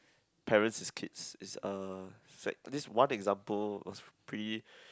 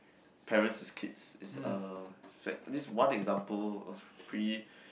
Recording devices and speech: close-talking microphone, boundary microphone, conversation in the same room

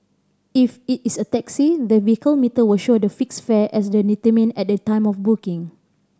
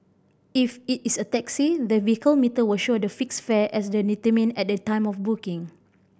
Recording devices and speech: standing microphone (AKG C214), boundary microphone (BM630), read sentence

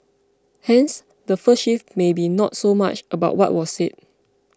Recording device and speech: close-talking microphone (WH20), read sentence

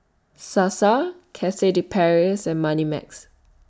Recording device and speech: standing microphone (AKG C214), read sentence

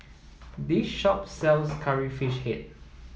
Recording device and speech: mobile phone (iPhone 7), read sentence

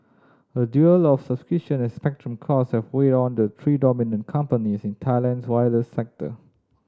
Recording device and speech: standing microphone (AKG C214), read sentence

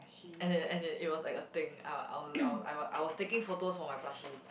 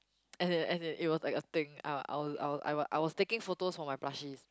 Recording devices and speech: boundary microphone, close-talking microphone, conversation in the same room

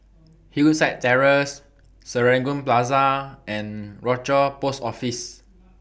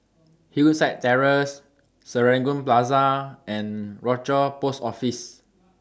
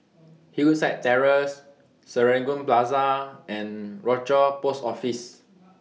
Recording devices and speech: boundary microphone (BM630), standing microphone (AKG C214), mobile phone (iPhone 6), read sentence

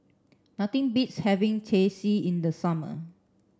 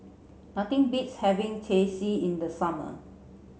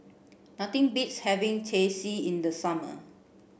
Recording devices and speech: standing microphone (AKG C214), mobile phone (Samsung C7), boundary microphone (BM630), read sentence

